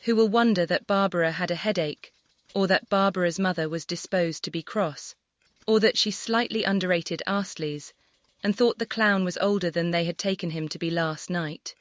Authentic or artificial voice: artificial